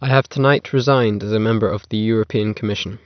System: none